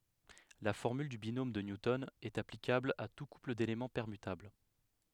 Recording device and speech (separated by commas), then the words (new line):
headset microphone, read sentence
La formule du binôme de Newton est applicable à tout couple d'éléments permutables.